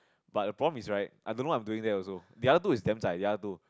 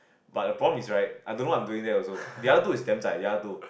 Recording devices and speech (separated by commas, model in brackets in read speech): close-talking microphone, boundary microphone, conversation in the same room